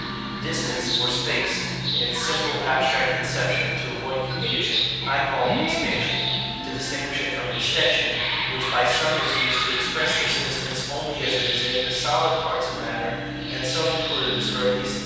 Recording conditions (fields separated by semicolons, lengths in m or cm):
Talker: one person; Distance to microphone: 7.1 m; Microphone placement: far; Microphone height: 1.7 m; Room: very reverberant, large; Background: television